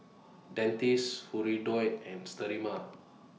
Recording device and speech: mobile phone (iPhone 6), read sentence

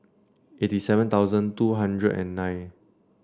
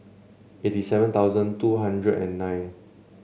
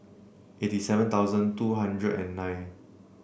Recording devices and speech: standing microphone (AKG C214), mobile phone (Samsung C7), boundary microphone (BM630), read sentence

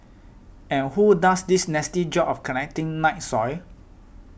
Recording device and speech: boundary microphone (BM630), read sentence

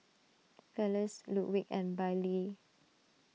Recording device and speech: mobile phone (iPhone 6), read sentence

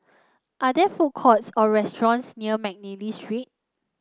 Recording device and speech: close-talking microphone (WH30), read sentence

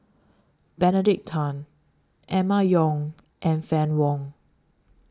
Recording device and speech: standing microphone (AKG C214), read sentence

